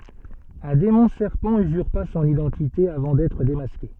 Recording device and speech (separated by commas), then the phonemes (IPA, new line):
soft in-ear microphone, read sentence
œ̃ demɔ̃ sɛʁpɑ̃ yzyʁpa sɔ̃n idɑ̃tite avɑ̃ dɛtʁ demaske